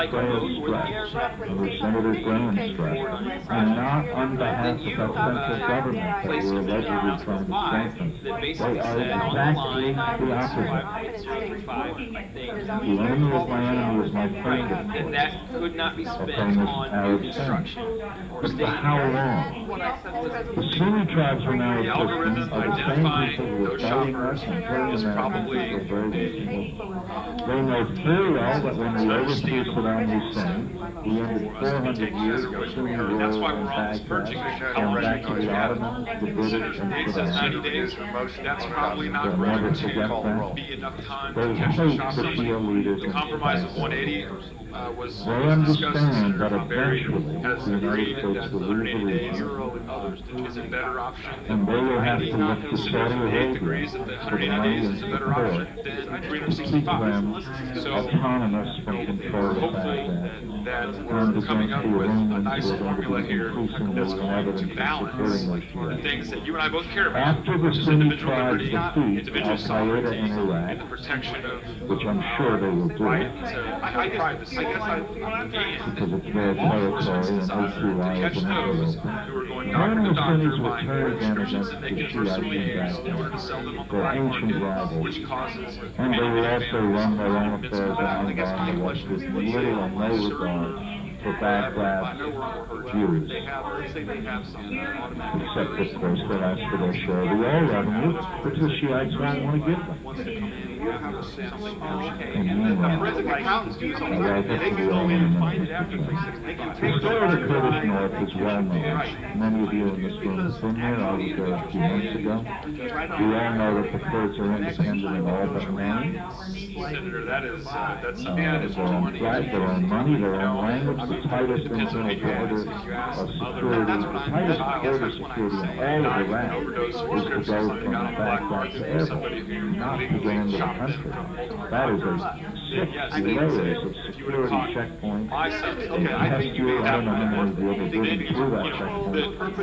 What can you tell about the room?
A large space.